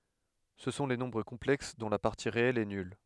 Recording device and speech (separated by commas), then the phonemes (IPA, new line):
headset microphone, read sentence
sə sɔ̃ le nɔ̃bʁ kɔ̃plɛks dɔ̃ la paʁti ʁeɛl ɛ nyl